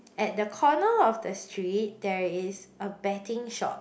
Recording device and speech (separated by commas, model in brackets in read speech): boundary microphone, conversation in the same room